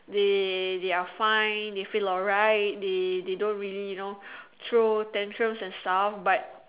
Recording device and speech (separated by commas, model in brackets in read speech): telephone, conversation in separate rooms